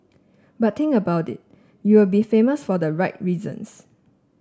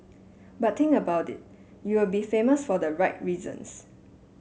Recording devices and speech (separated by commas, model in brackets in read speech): standing microphone (AKG C214), mobile phone (Samsung S8), read sentence